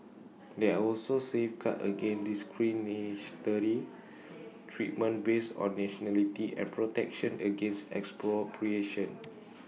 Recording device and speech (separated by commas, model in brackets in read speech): mobile phone (iPhone 6), read sentence